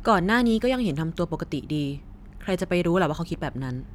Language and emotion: Thai, neutral